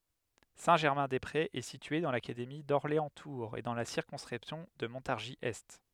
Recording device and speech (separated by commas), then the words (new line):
headset microphone, read sentence
Saint-Germain-des-Prés est situé dans l'académie d'Orléans-Tours et dans la circonscription de Montargis-Est.